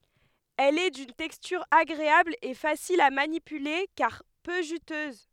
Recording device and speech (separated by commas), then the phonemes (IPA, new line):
headset microphone, read sentence
ɛl ɛ dyn tɛkstyʁ aɡʁeabl e fasil a manipyle kaʁ pø ʒytøz